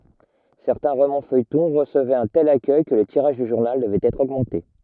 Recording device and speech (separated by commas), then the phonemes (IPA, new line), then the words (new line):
rigid in-ear microphone, read sentence
sɛʁtɛ̃ ʁomɑ̃sfœjtɔ̃ ʁəsəvɛt œ̃ tɛl akœj kə lə tiʁaʒ dy ʒuʁnal dəvɛt ɛtʁ oɡmɑ̃te
Certains romans-feuilletons recevaient un tel accueil que le tirage du journal devait être augmenté.